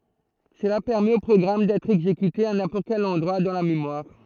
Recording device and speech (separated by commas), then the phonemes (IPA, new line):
throat microphone, read sentence
səla pɛʁmɛt o pʁɔɡʁam dɛtʁ ɛɡzekyte a nɛ̃pɔʁt kɛl ɑ̃dʁwa dɑ̃ la memwaʁ